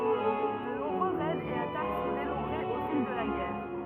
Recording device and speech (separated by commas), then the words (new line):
rigid in-ear microphone, read sentence
De nombreux raids et attaques sont dénombrées au fil de la guerre.